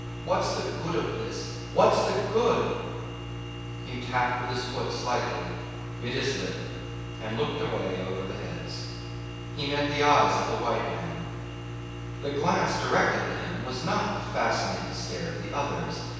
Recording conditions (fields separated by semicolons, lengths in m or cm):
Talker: one person; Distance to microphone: 7.1 m; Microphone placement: far; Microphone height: 1.7 m; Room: very reverberant, large; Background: none